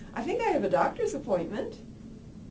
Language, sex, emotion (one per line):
English
female
neutral